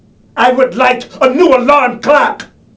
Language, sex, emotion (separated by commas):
English, male, angry